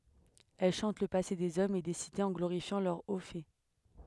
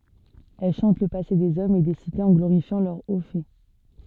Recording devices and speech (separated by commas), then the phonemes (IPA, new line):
headset microphone, soft in-ear microphone, read sentence
ɛl ʃɑ̃t lə pase dez ɔmz e de sitez ɑ̃ ɡloʁifjɑ̃ lœʁ o fɛ